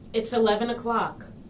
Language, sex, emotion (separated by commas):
English, female, neutral